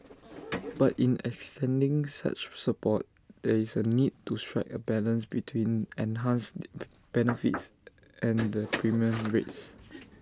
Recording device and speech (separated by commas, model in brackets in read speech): standing microphone (AKG C214), read sentence